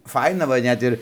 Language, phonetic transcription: Lithuanian, ˈfaina va ˈnet ir

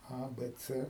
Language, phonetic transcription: Lithuanian, ˈa ˈbɘ ˈcɘ

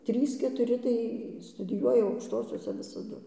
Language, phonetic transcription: Lithuanian, ˈtrys ketuˈri tai studiˈjuoja aukšˈtosiose visaˈdu

